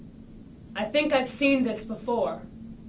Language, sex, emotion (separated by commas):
English, female, neutral